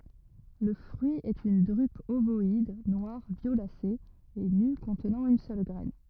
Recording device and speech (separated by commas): rigid in-ear microphone, read sentence